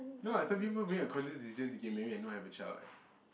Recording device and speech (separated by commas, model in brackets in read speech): boundary microphone, conversation in the same room